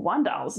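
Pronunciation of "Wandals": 'Vandals' is said here in a mock-Latin style rather than the ordinary English way, 'Vandals'.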